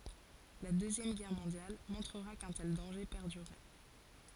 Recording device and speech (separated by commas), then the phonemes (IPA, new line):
forehead accelerometer, read sentence
la døzjɛm ɡɛʁ mɔ̃djal mɔ̃tʁəʁa kœ̃ tɛl dɑ̃ʒe pɛʁdyʁɛ